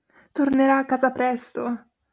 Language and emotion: Italian, fearful